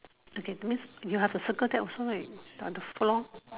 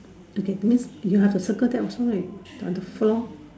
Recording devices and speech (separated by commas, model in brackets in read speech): telephone, standing microphone, conversation in separate rooms